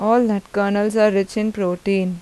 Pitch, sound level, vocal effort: 200 Hz, 85 dB SPL, normal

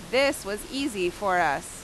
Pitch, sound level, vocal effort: 205 Hz, 90 dB SPL, very loud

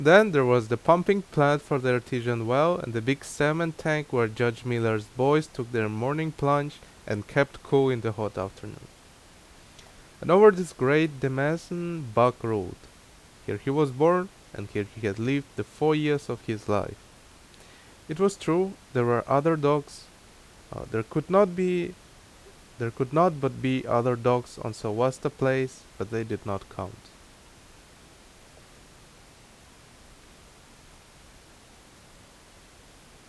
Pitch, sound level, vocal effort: 125 Hz, 83 dB SPL, very loud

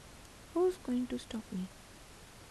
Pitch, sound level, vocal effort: 210 Hz, 76 dB SPL, soft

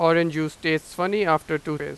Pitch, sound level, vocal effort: 160 Hz, 94 dB SPL, loud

